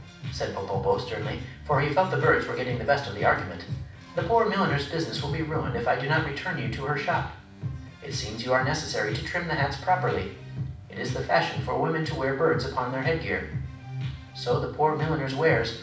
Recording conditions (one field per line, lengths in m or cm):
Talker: one person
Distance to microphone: 5.8 m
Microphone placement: far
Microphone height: 1.8 m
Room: medium-sized (5.7 m by 4.0 m)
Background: music